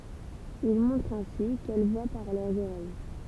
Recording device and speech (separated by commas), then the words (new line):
temple vibration pickup, read sentence
Il montre ainsi qu'elles voient par leurs oreilles.